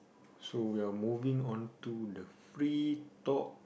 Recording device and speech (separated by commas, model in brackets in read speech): boundary microphone, conversation in the same room